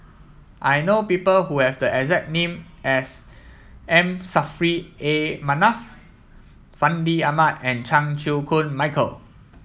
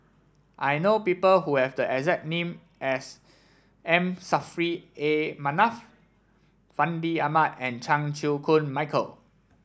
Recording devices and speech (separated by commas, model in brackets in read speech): mobile phone (iPhone 7), standing microphone (AKG C214), read sentence